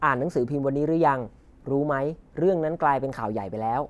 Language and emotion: Thai, neutral